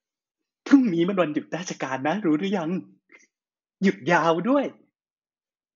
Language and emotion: Thai, happy